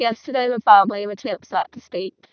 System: VC, vocoder